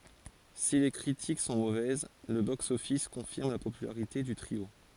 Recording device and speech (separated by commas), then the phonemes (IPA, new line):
forehead accelerometer, read sentence
si le kʁitik sɔ̃ movɛz lə boksɔfis kɔ̃fiʁm la popylaʁite dy tʁio